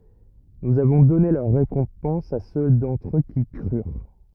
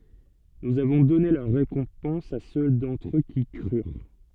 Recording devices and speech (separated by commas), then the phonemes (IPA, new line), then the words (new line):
rigid in-ear microphone, soft in-ear microphone, read sentence
nuz avɔ̃ dɔne lœʁ ʁekɔ̃pɑ̃s a sø dɑ̃tʁ ø ki kʁyʁ
Nous avons donné leur récompense à ceux d’entre eux qui crurent.